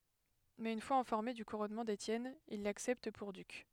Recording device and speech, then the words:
headset microphone, read sentence
Mais une fois informés du couronnement d'Étienne, ils l'acceptent pour duc.

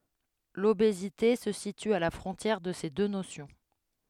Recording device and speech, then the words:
headset microphone, read sentence
L’obésité se situe à la frontière de ces deux notions.

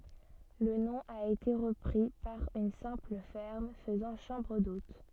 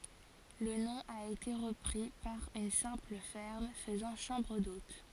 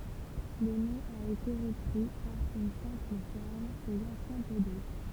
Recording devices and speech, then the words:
soft in-ear microphone, forehead accelerometer, temple vibration pickup, read sentence
Le nom a été repris par une simple ferme faisant chambre d'hôtes.

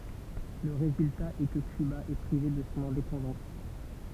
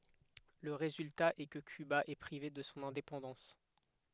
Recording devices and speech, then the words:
temple vibration pickup, headset microphone, read sentence
Le résultat est que Cuba est privée de son indépendance.

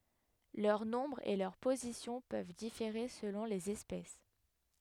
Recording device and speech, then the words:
headset microphone, read sentence
Leur nombre et leur position peuvent différer selon les espèces.

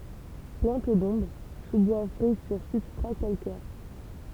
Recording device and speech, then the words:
temple vibration pickup, read sentence
Plante d'ombre, sous-bois frais sur substrats calcaires.

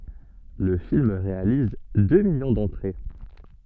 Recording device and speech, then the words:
soft in-ear microphone, read sentence
Le film réalise deux millions d'entrées.

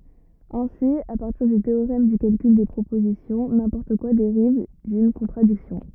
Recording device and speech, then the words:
rigid in-ear microphone, read sentence
Ainsi à partir du théorème du calcul des propositions, n'importe quoi dérive d'une contradiction.

